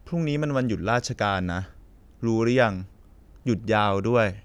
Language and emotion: Thai, neutral